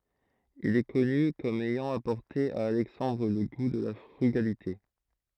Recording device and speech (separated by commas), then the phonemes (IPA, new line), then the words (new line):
throat microphone, read sentence
il ɛ kɔny kɔm ɛjɑ̃ apɔʁte a alɛksɑ̃dʁ lə ɡu də la fʁyɡalite
Il est connu comme ayant apporté à Alexandre le goût de la frugalité.